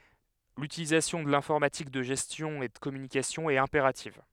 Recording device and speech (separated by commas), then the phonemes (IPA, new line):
headset microphone, read sentence
lytilizasjɔ̃ də lɛ̃fɔʁmatik də ʒɛstjɔ̃ e də kɔmynikasjɔ̃ ɛt ɛ̃peʁativ